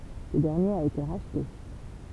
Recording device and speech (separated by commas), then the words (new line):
temple vibration pickup, read sentence
Ce dernier a été racheté.